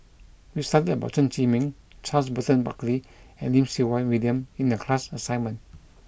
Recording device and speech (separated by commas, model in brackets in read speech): boundary microphone (BM630), read sentence